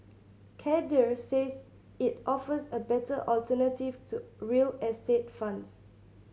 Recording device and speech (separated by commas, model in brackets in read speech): mobile phone (Samsung C7100), read sentence